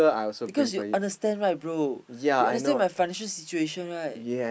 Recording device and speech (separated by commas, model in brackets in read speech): boundary microphone, conversation in the same room